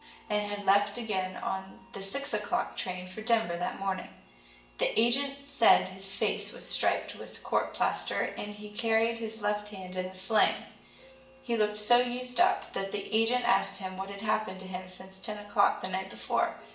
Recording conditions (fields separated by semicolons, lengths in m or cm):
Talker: one person; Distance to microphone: 1.8 m; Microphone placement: close; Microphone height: 1.0 m; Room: large; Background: music